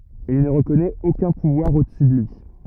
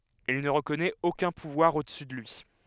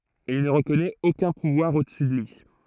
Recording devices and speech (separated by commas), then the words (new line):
rigid in-ear microphone, headset microphone, throat microphone, read sentence
Il ne reconnaît aucun pouvoir au-dessus de lui.